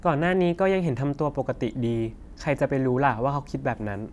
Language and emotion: Thai, neutral